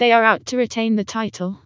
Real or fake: fake